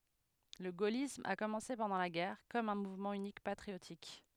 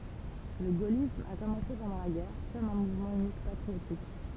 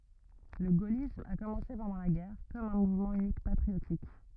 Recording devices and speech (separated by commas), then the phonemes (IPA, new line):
headset microphone, temple vibration pickup, rigid in-ear microphone, read sentence
lə ɡolism a kɔmɑ̃se pɑ̃dɑ̃ la ɡɛʁ kɔm œ̃ muvmɑ̃ ynikmɑ̃ patʁiotik